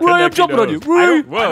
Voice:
silly voice